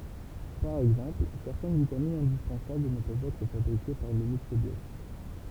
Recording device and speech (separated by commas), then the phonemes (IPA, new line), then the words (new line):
temple vibration pickup, read sentence
paʁ ɛɡzɑ̃pl sɛʁtɛn vitaminz ɛ̃dispɑ̃sabl nə pøvt ɛtʁ fabʁike paʁ lə mikʁobjɔt
Par exemple, certaines vitamines indispensables ne peuvent être fabriquées par le microbiote.